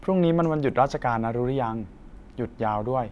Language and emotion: Thai, neutral